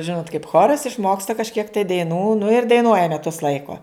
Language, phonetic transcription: Lithuanian, ˈžinot kaip ˈchoras išˈmoksta kažˈkiek tai daiˈnų nu ir daiˈnuoja meˈtus ˈlaiko

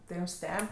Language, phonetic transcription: Lithuanian, tai ˈjūm ˈsteb'

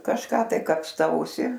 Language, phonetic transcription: Lithuanian, kažˈką tai kapsˈtausi

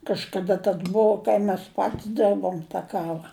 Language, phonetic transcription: Lithuanian, kažkaˈda tas ˈbou kai mes ˈpat's' ˈderbom ta ˈkava

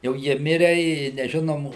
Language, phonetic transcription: Lithuanian, jau ˈjie ˈmire i neˈžinom

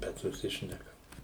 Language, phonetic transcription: Lithuanian, ˈbet suˈsišnekam

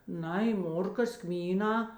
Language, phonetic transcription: Lithuanian, ˈnai ˈmorkas ˈkmyˌnā

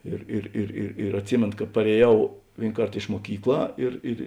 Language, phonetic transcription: Lithuanian, ˈir ir ir ir ir atˈsimėno ka parėˈjau ˈvėin ˈkart iš muoˈkykˌlā ir ir

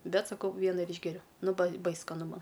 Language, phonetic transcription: Lithuanian, ˈbet saˈkau ˈviena ir ˈyšgeriu ˈnu bai ˈbais skaˈnu ˈman

